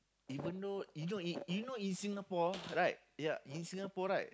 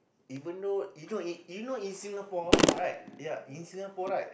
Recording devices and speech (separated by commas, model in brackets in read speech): close-talking microphone, boundary microphone, conversation in the same room